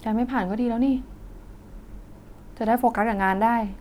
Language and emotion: Thai, frustrated